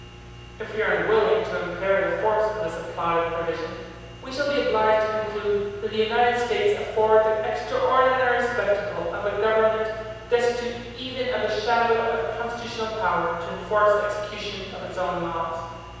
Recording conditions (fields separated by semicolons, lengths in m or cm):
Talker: one person; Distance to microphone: 7.1 m; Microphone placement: far; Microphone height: 1.7 m; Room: very reverberant, large; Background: none